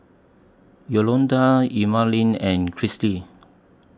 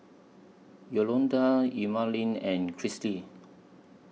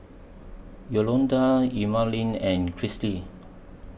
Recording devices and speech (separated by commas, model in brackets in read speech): standing microphone (AKG C214), mobile phone (iPhone 6), boundary microphone (BM630), read sentence